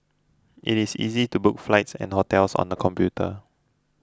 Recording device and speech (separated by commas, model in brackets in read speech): close-talking microphone (WH20), read sentence